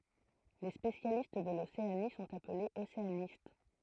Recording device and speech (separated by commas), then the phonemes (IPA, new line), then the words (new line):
throat microphone, read sentence
le spesjalist də loseani sɔ̃t aplez oseanist
Les spécialistes de l'Océanie sont appelés océanistes.